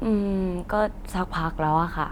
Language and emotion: Thai, neutral